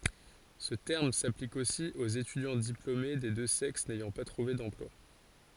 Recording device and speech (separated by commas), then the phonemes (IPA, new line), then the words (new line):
forehead accelerometer, read sentence
sə tɛʁm saplik osi oz etydjɑ̃ diplome de dø sɛks nɛjɑ̃ pa tʁuve dɑ̃plwa
Ce terme s'applique aussi aux étudiants diplômés des deux sexes n'ayant pas trouvé d'emploi.